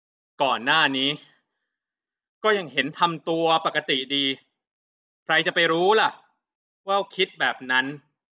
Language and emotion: Thai, angry